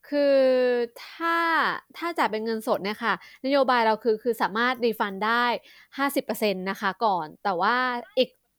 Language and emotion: Thai, neutral